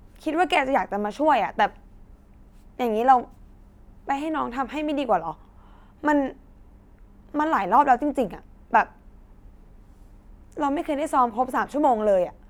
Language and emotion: Thai, frustrated